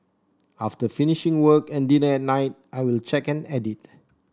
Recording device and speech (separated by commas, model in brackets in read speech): standing microphone (AKG C214), read sentence